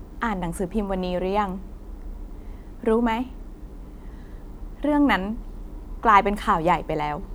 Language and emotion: Thai, frustrated